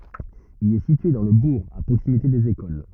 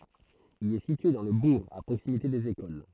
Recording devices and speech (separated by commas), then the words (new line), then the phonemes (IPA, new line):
rigid in-ear microphone, throat microphone, read sentence
Il est situé dans le bourg, à proximité des écoles.
il ɛ sitye dɑ̃ lə buʁ a pʁoksimite dez ekol